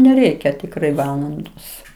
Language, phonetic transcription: Lithuanian, neˈreikia tikˈrai ˈvalandos

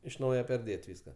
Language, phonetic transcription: Lithuanian, iš ˈnauje perˈdėt' ˈvyska

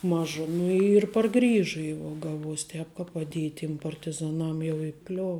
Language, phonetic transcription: Lithuanian, ˈmaža ˈnu ir parˈgrįžu jau ˈgaˌvuos' ˈtēp ka paˈdiej tiem partiˈzaˈnam jau iˈkliov

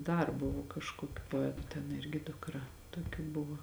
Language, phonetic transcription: Lithuanian, dar ˈbuvo kažkoˈkių poˈetu ten ˈirgi dukˈra toˈkių ˈbuvo

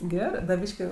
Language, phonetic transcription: Lithuanian, ˈgerɜ da ˈbyški

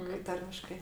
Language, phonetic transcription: Lithuanian, kai ˈtarmiškai

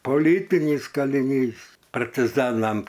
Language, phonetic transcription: Lithuanian, poˈlytinys kaliˈnys partiˈzanam

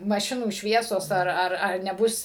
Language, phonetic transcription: Lithuanian, maˈšinų ˈšviesos ar ˈar ar neˈbus

